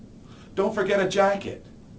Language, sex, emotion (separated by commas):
English, male, neutral